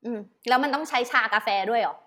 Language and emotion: Thai, frustrated